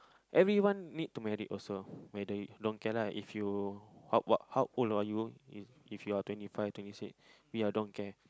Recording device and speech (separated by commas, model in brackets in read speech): close-talking microphone, conversation in the same room